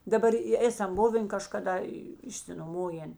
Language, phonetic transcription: Lithuanian, daˈbar i ˈėsam ˈbuvėn kažkaˈda išsinoˈmojėn

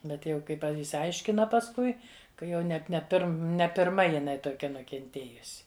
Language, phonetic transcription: Lithuanian, ˈbet jau kai ˈpa išsiˈaiškina pasˈkui ka ˈjau net ne ˈpirm ne pirˈma jiˈnai toˈkia nukenˈtėjusi

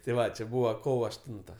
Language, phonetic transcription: Lithuanian, tė ˈva či ˈbūva ˈkovo ašˈtunta

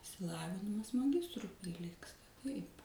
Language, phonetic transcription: Lithuanian, išsiˈlavinimas maˈgistrui priˈlygsta taip

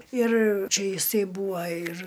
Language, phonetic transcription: Lithuanian, ir ˈčia iˈsai ˈbūva ir

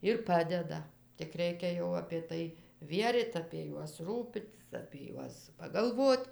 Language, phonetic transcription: Lithuanian, ir ˈpadeda tik ˈreikia jau apė ˈtai ˈvieryt apie ˈjuos ˈrūpitis apie ˈjuos pagalˈvot

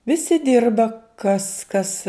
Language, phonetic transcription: Lithuanian, viˈsi ˈdirba kas kas

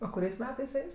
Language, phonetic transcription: Lithuanian, o kuˈriais ˈmetais ˈeis

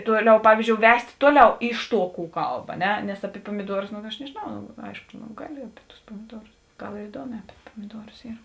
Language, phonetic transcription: Lithuanian, ˈtuoˌliau ˈpavyzˌdžiou ˈvest' ˈtuoˌliau ˈiš ˌtuo kų ˈkalb a ˈne nes api puomiˈduorus nu aš nežėˈnau no ˈaiško no ˈgaˌli api tus pomiˈduorus ˈgal ir iˈduoˌmē api pomiˈduorus ˈyr

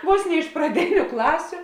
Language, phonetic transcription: Lithuanian, ˈvos ne iš praˈdėniu ˈklasiu

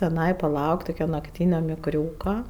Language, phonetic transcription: Lithuanian, tiˈnai paˈlaukt' tuˈkia nakˈtynio mikˈriūka

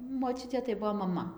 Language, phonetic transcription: Lithuanian, moˈčiutė tai ˈbuo maˈma

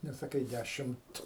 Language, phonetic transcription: Lithuanian, nesaˈkai ˈdæšimt

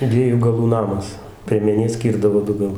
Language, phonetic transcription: Lithuanian, ˈdviejų gaˈlų ˈnamas priemeˈnė ˈskyrdavo ˈdu gaˈlu

